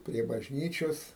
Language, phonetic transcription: Lithuanian, prie bažˈnyčios

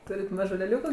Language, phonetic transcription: Lithuanian, ˈtūrit ˈmažu leˈliūku

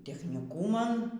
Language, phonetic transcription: Lithuanian, technyˈkūman

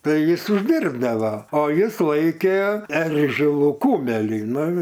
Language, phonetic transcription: Lithuanian, ˈtai ˈjis užˈdyrbdavo o ˈjis ˈlaikė ˈeržilų ˈkumelį ˈnu

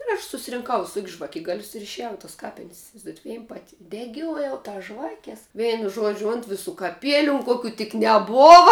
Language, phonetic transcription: Lithuanian, ir ˈaš susirinˈkau viˈsok's' žvaˈkigalius ir išeˈjau i tas ˈkapin's' isivaizˈduojat ˈvein ˈpati deˈgiojau ˈtas ˈžvakes ˈveinu ˈžuodžiu ˈunt viˌsų kaˈpieliu un ˈkokiu tik neˈbova

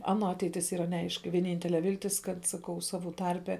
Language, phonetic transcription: Lithuanian, ˈano ˈateitis ˈyra neˈaiški vieˈnyntele ˈviltis ˈkad saˈkau saˈvų ˈtarpe

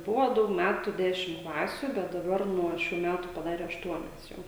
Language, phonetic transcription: Lithuanian, ˈbuvo ˈdaug ˈmætu ˈdešim ˈklasiu bet daˈbar nuo ˈšių ˈmætu paˈdare ašˈtuonias ˈjau

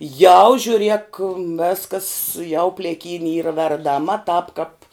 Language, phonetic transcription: Lithuanian, jau žiuˈriek ˈveskas jau plėˈkyni ˈyra verdaˈma tāp kap

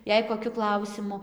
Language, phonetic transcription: Lithuanian, ˈjei koˈkiu ˈklausimu

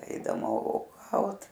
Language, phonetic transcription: Lithuanian, ˈeidama oˈgaut

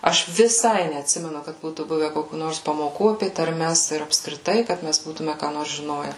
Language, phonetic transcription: Lithuanian, ˈaš viˈsai neatˈsimenu kad ˈbūtų ˈbuve ˈkokių ˈnors pamoˈkų apė tarˈmes ir apskriˈtai ˈkad ˈmæs ˈbūtume ką ˈnors žiˈnoje

